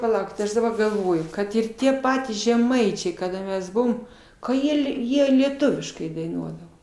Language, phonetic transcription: Lithuanian, paˈlaukit ˈaš daˈbar galˈvoju ˈkad ir ˈtie ˈpatys žeˈmaičiai kaˈda ˈmes ˈbuvom ka ˈjie lie ˈjie lieˈtuviškai daiˈnuodavo

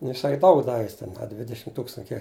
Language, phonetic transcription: Lithuanian, nu jiˈsai ˈdaug ˈdavi jis ten a ˈdvidešim ˈtūkstan a ˈkiek

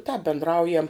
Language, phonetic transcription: Lithuanian, tāp bindˈraujam

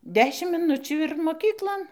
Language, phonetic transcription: Lithuanian, ˈdešim miˈnučių ir moˈkyklon

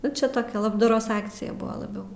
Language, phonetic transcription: Lithuanian, nu ˈčia ˈtokia labdaˈros ˈakcija ˈbuva laˈbiau

